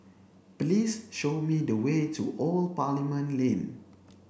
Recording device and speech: boundary microphone (BM630), read sentence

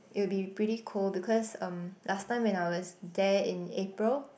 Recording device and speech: boundary microphone, conversation in the same room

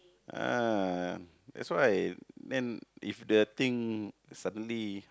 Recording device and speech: close-talking microphone, conversation in the same room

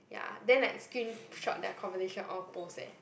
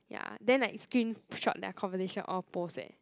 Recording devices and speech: boundary microphone, close-talking microphone, conversation in the same room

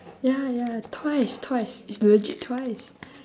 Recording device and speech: standing microphone, conversation in separate rooms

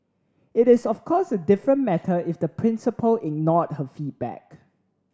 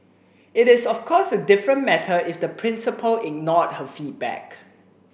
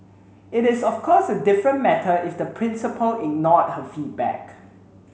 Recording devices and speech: standing microphone (AKG C214), boundary microphone (BM630), mobile phone (Samsung C7), read sentence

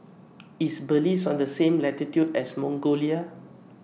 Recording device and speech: mobile phone (iPhone 6), read sentence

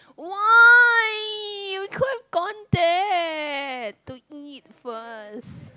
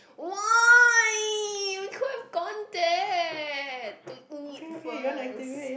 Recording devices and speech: close-talking microphone, boundary microphone, conversation in the same room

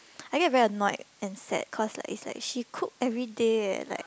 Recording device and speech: close-talking microphone, conversation in the same room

